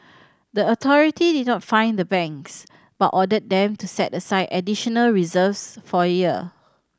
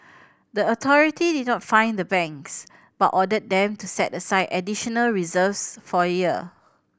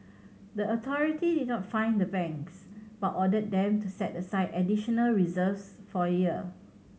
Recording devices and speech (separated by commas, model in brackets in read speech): standing microphone (AKG C214), boundary microphone (BM630), mobile phone (Samsung C7100), read sentence